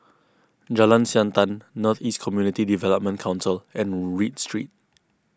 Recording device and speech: close-talking microphone (WH20), read sentence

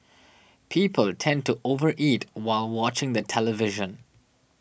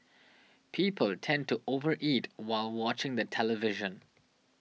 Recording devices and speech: boundary microphone (BM630), mobile phone (iPhone 6), read sentence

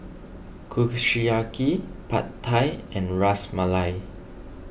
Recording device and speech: boundary microphone (BM630), read sentence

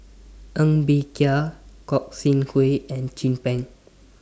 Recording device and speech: standing microphone (AKG C214), read sentence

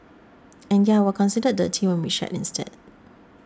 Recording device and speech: standing microphone (AKG C214), read sentence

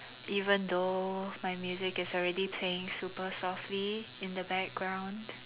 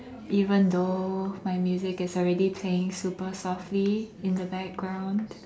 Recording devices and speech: telephone, standing microphone, conversation in separate rooms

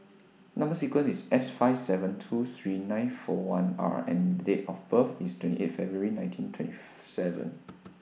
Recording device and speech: mobile phone (iPhone 6), read sentence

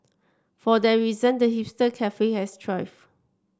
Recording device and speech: standing microphone (AKG C214), read sentence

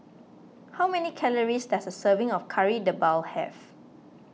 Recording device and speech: mobile phone (iPhone 6), read sentence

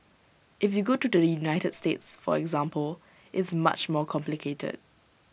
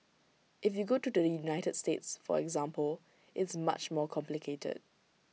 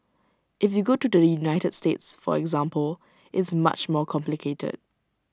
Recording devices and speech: boundary microphone (BM630), mobile phone (iPhone 6), standing microphone (AKG C214), read sentence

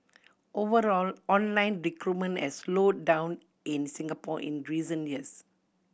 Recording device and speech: boundary microphone (BM630), read sentence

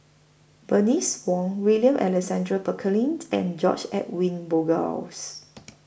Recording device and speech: boundary microphone (BM630), read sentence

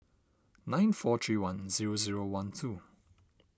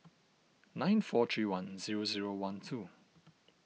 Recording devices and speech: standing microphone (AKG C214), mobile phone (iPhone 6), read sentence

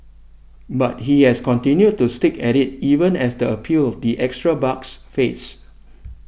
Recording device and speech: boundary microphone (BM630), read sentence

